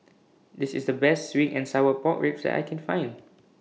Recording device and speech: mobile phone (iPhone 6), read sentence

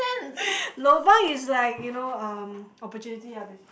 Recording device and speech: boundary microphone, conversation in the same room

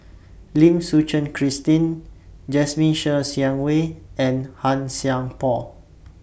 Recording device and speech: boundary microphone (BM630), read sentence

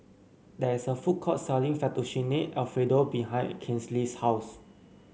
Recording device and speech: mobile phone (Samsung C9), read sentence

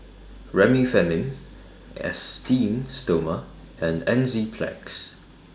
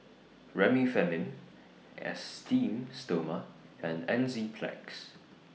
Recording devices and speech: standing microphone (AKG C214), mobile phone (iPhone 6), read sentence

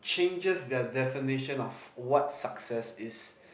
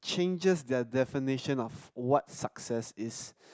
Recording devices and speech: boundary microphone, close-talking microphone, conversation in the same room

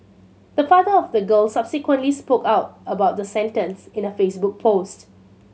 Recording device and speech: mobile phone (Samsung C7100), read sentence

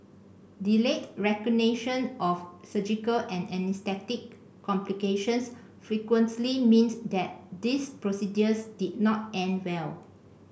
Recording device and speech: boundary microphone (BM630), read sentence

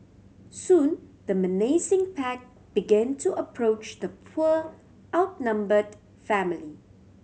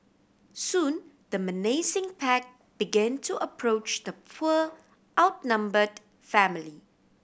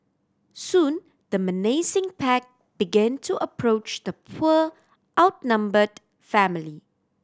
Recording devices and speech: mobile phone (Samsung C7100), boundary microphone (BM630), standing microphone (AKG C214), read sentence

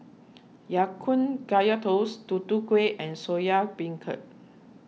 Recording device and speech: mobile phone (iPhone 6), read sentence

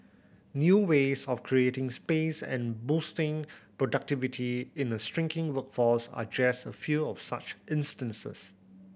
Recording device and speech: boundary microphone (BM630), read sentence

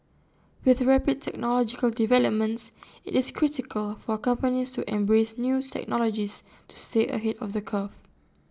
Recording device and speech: standing microphone (AKG C214), read sentence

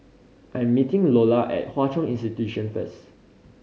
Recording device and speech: mobile phone (Samsung C5010), read sentence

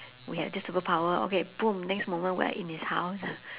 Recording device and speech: telephone, conversation in separate rooms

